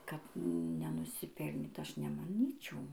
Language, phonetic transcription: Lithuanian, kad nenusiˈpelnyt ˈaš nemaˈnyčiau

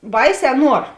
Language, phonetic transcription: Lithuanian, ˈbaiˌsē ˈnuor

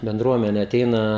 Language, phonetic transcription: Lithuanian, benˈdruomene aˈteina

